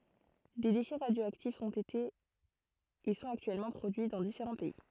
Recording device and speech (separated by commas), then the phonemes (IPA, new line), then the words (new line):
throat microphone, read sentence
de deʃɛ ʁadjoaktifz ɔ̃t ete e sɔ̃t aktyɛlmɑ̃ pʁodyi dɑ̃ difeʁɑ̃ pɛi
Des déchets radioactifs ont été et sont actuellement produits dans différents pays.